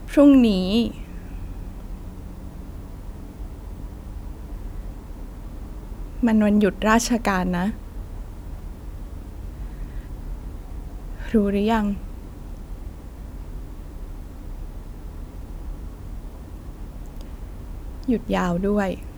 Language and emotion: Thai, sad